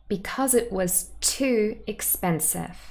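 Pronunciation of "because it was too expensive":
In 'because it was too expensive', there is emphatic stress on the word 'too'.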